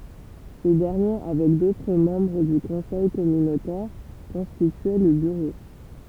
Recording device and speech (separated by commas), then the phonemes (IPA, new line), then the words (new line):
temple vibration pickup, read sentence
se dɛʁnje avɛk dotʁ mɑ̃bʁ dy kɔ̃sɛj kɔmynotɛʁ kɔ̃stityɛ lə byʁo
Ces derniers, avec d'autres membres du conseil communautaire, constituaient le bureau.